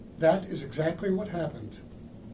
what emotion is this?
neutral